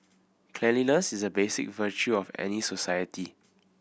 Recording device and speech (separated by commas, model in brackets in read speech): boundary microphone (BM630), read sentence